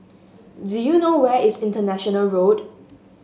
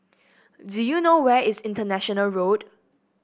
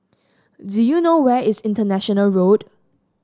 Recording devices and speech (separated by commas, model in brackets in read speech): mobile phone (Samsung S8), boundary microphone (BM630), standing microphone (AKG C214), read sentence